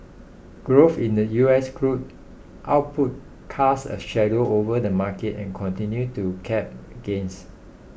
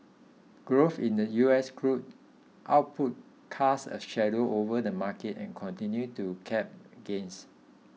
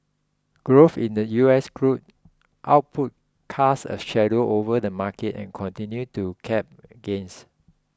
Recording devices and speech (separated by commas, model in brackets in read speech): boundary microphone (BM630), mobile phone (iPhone 6), close-talking microphone (WH20), read sentence